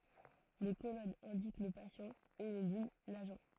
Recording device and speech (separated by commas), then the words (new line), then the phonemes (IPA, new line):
throat microphone, read sentence
Les colonnes indiquent le patient, et les lignes l'agent.
le kolɔnz ɛ̃dik lə pasjɑ̃ e le liɲ laʒɑ̃